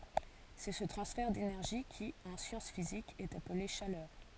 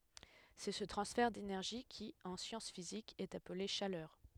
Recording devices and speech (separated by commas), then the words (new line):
forehead accelerometer, headset microphone, read sentence
C'est ce transfert d'énergie qui, en sciences physiques, est appelé chaleur.